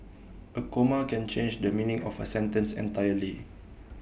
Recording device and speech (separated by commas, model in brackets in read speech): boundary microphone (BM630), read sentence